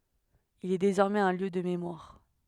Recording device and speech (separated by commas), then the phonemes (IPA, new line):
headset microphone, read sentence
il ɛ dezɔʁmɛz œ̃ ljø də memwaʁ